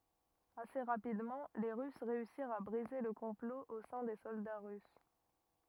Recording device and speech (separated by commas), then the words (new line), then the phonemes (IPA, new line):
rigid in-ear microphone, read sentence
Assez rapidement, les Russes réussirent à briser le complot au sein des soldats russes.
ase ʁapidmɑ̃ le ʁys ʁeysiʁt a bʁize lə kɔ̃plo o sɛ̃ de sɔlda ʁys